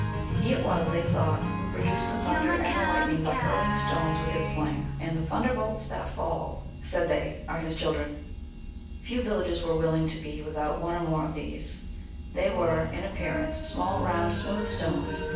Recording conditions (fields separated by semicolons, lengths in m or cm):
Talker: one person; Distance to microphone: 9.8 m; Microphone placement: far; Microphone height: 1.8 m; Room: large; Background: music